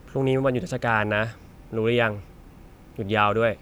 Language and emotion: Thai, frustrated